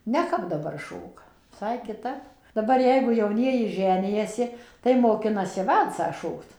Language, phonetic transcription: Lithuanian, neˈkap daˈbar ˈšoka viˈsai kiˈtap daˈbar ˈjeigu jauˈnieji ˈženijasi tai moˈkinasi ˈvalcą ˈšokt

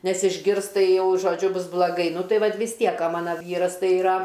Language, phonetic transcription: Lithuanian, ˈnes išˈgirs ˈtai ˈjau žoˈdžiu ˈbus blaˈgai ˈnu ˈtai ˈvat vis ˈtiek o ˈmana ˈvyras ˈtai iˈra

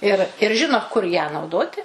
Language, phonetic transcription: Lithuanian, ir ir ˈžino kur ją nauˈdoti

